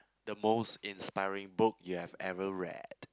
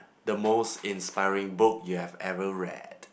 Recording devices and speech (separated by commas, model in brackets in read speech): close-talking microphone, boundary microphone, conversation in the same room